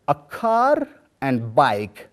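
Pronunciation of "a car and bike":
In 'a car and bike', the r at the end of 'car' is pronounced before the vowel sound of 'and'. This is the correct pronunciation.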